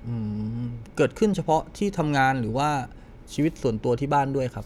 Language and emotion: Thai, neutral